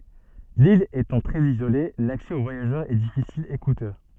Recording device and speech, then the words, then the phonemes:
soft in-ear microphone, read sentence
L'ile étant très isolée, l'accès aux voyageurs est difficile, et coûteux.
lil etɑ̃ tʁɛz izole laksɛ o vwajaʒœʁz ɛ difisil e kutø

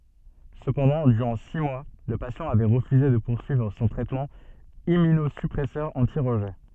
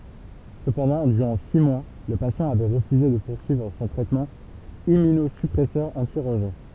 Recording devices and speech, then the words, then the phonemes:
soft in-ear microphone, temple vibration pickup, read sentence
Cependant, durant six mois, le patient avait refusé de poursuivre son traitement Immunosuppresseur anti-rejet.
səpɑ̃dɑ̃ dyʁɑ̃ si mwa lə pasjɑ̃ avɛ ʁəfyze də puʁsyivʁ sɔ̃ tʁɛtmɑ̃ immynozypʁɛsœʁ ɑ̃ti ʁəʒɛ

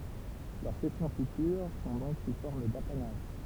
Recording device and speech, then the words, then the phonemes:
temple vibration pickup, read sentence
Leurs cessions futures sont donc sous forme d'apanage.
lœʁ sɛsjɔ̃ fytyʁ sɔ̃ dɔ̃k su fɔʁm dapanaʒ

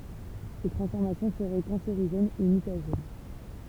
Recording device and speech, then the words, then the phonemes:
temple vibration pickup, read sentence
Ces transformations seraient cancérigènes et mutagènes.
se tʁɑ̃sfɔʁmasjɔ̃ səʁɛ kɑ̃seʁiʒɛnz e mytaʒɛn

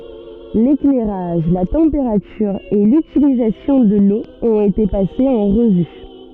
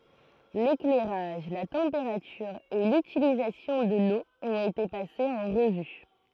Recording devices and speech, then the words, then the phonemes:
soft in-ear microphone, throat microphone, read sentence
L'éclairage, la température et l'utilisation de l'eau ont été passés en revue.
leklɛʁaʒ la tɑ̃peʁatyʁ e lytilizasjɔ̃ də lo ɔ̃t ete pasez ɑ̃ ʁəvy

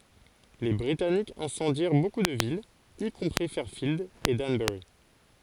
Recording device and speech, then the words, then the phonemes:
forehead accelerometer, read sentence
Les Britanniques incendièrent beaucoup de villes, y compris Fairfield et Danbury.
le bʁitanikz ɛ̃sɑ̃djɛʁ boku də vilz i kɔ̃pʁi fɛʁfild e danbœʁi

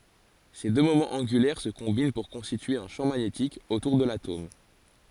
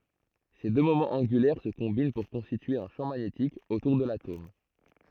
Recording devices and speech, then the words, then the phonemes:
forehead accelerometer, throat microphone, read sentence
Ces deux moments angulaires se combinent pour constituer un champ magnétique autour de l'atome.
se dø momɑ̃z ɑ̃ɡylɛʁ sə kɔ̃bin puʁ kɔ̃stitye œ̃ ʃɑ̃ maɲetik otuʁ də latom

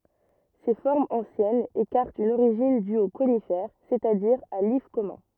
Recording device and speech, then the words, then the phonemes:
rigid in-ear microphone, read sentence
Ces formes anciennes écartent une origine due au conifère, c'est-à-dire à l'if commun.
se fɔʁmz ɑ̃sjɛnz ekaʁtt yn oʁiʒin dy o konifɛʁ sɛt a diʁ a lif kɔmœ̃

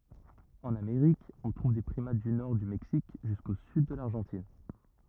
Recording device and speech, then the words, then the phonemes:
rigid in-ear microphone, read sentence
En Amérique, on trouve des primates du nord du Mexique jusqu'au sud de l'Argentine.
ɑ̃n ameʁik ɔ̃ tʁuv de pʁimat dy nɔʁ dy mɛksik ʒysko syd də laʁʒɑ̃tin

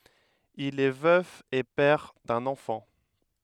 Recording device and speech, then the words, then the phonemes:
headset microphone, read sentence
Il est veuf et père d'un enfant.
il ɛ vœf e pɛʁ dœ̃n ɑ̃fɑ̃

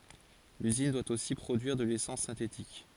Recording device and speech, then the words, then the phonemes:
forehead accelerometer, read sentence
L'usine doit aussi produire de l'essence synthétique.
lyzin dwa osi pʁodyiʁ də lesɑ̃s sɛ̃tetik

